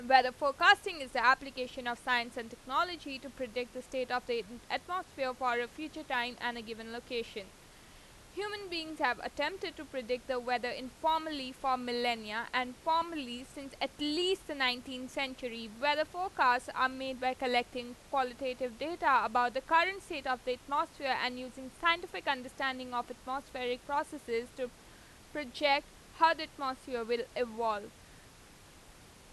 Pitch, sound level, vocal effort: 260 Hz, 93 dB SPL, loud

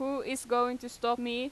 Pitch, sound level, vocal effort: 245 Hz, 90 dB SPL, loud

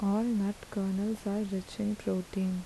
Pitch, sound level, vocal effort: 200 Hz, 77 dB SPL, soft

